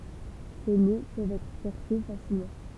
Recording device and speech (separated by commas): temple vibration pickup, read sentence